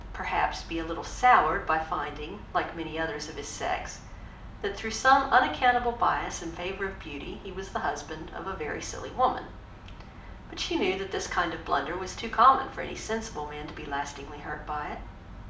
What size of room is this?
A moderately sized room (about 5.7 m by 4.0 m).